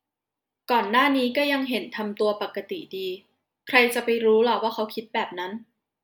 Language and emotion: Thai, neutral